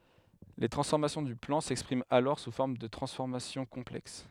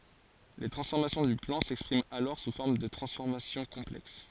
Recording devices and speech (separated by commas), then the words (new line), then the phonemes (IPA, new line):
headset microphone, forehead accelerometer, read sentence
Les transformations du plan s'expriment alors sous forme de transformations complexes.
le tʁɑ̃sfɔʁmasjɔ̃ dy plɑ̃ sɛkspʁimt alɔʁ su fɔʁm də tʁɑ̃sfɔʁmasjɔ̃ kɔ̃plɛks